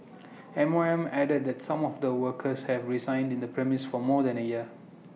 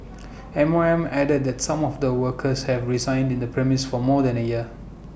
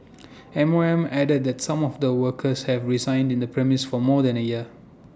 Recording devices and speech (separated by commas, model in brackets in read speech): mobile phone (iPhone 6), boundary microphone (BM630), standing microphone (AKG C214), read sentence